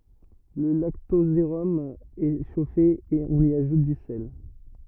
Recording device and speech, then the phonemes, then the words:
rigid in-ear microphone, read sentence
lə laktozeʁɔm ɛ ʃofe e ɔ̃n i aʒut dy sɛl
Le lactosérum est chauffé et on y ajoute du sel.

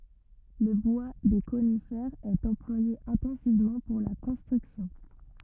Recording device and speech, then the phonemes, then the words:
rigid in-ear microphone, read sentence
lə bwa de konifɛʁz ɛt ɑ̃plwaje ɛ̃tɑ̃sivmɑ̃ puʁ la kɔ̃stʁyksjɔ̃
Le bois des conifères est employé intensivement pour la construction.

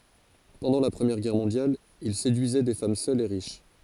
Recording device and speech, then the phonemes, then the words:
forehead accelerometer, read sentence
pɑ̃dɑ̃ la pʁəmjɛʁ ɡɛʁ mɔ̃djal il sedyizɛ de fam sœlz e ʁiʃ
Pendant la Première Guerre mondiale, il séduisait des femmes seules et riches.

